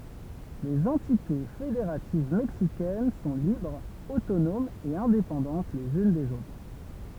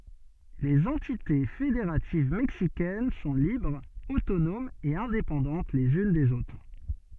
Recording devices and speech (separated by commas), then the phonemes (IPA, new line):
temple vibration pickup, soft in-ear microphone, read sentence
lez ɑ̃tite fedeʁativ mɛksikɛn sɔ̃ libʁz otonomz e ɛ̃depɑ̃dɑ̃t lez yn dez otʁ